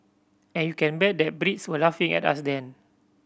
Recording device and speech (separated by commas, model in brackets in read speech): boundary microphone (BM630), read sentence